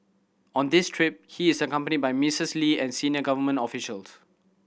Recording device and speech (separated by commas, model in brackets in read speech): boundary microphone (BM630), read sentence